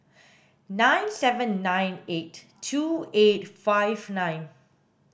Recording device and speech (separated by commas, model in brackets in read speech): boundary microphone (BM630), read sentence